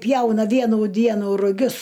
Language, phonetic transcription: Lithuanian, ˈpjauna ˈvienų ˈdienų ruˈgius

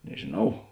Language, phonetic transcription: Lithuanian, nežėˈnau

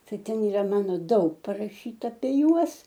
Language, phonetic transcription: Lithuanian, ˈtai ˈten yˈra ˈmano ˈdaug paraˈšyta apie ˈjuos

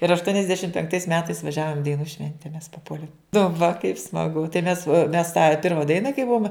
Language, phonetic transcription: Lithuanian, ir aštuonisˈdešimt penkˈtais ˈmetais vaˈžiavom i daiˈnų ˈšvente mes paˈpuolėm nu va kaip smaˈgu tai mes mes tą ˈpirma ˈdaina kai ˈbuom

